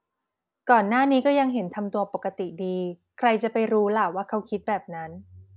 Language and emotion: Thai, neutral